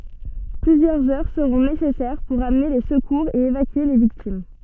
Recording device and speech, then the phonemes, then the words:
soft in-ear microphone, read sentence
plyzjœʁz œʁ səʁɔ̃ nesɛsɛʁ puʁ amne le səkuʁz e evakye le viktim
Plusieurs heures seront nécessaires pour amener les secours et évacuer les victimes.

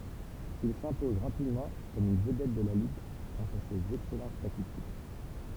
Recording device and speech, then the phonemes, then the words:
temple vibration pickup, read sentence
il sɛ̃pɔz ʁapidmɑ̃ kɔm yn vədɛt də la liɡ ɡʁas a sez ɛksɛlɑ̃t statistik
Il s'impose rapidement comme une vedette de la ligue grâce à ses excellentes statistiques.

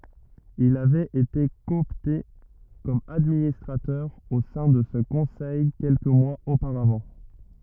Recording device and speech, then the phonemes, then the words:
rigid in-ear microphone, read sentence
il avɛt ete kɔɔpte kɔm administʁatœʁ o sɛ̃ də sə kɔ̃sɛj kɛlkə mwaz opaʁavɑ̃
Il avait été coopté comme administrateur au sein de ce conseil quelques mois auparavant.

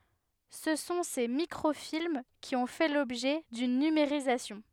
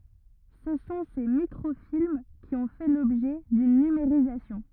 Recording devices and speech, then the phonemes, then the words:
headset microphone, rigid in-ear microphone, read sentence
sə sɔ̃ se mikʁofilm ki ɔ̃ fɛ lɔbʒɛ dyn nymeʁizasjɔ̃
Ce sont ces microfilms qui ont fait l’objet d’une numérisation.

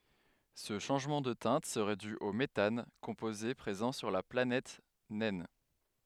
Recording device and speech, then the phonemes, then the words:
headset microphone, read sentence
sə ʃɑ̃ʒmɑ̃ də tɛ̃t səʁɛ dy o metan kɔ̃poze pʁezɑ̃ syʁ la planɛt nɛn
Ce changement de teinte serait dû au méthane, composé présent sur la planète naine.

